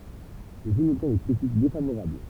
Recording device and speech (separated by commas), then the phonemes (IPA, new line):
temple vibration pickup, read sentence
lə film ɔbtjɛ̃ de kʁitik defavoʁabl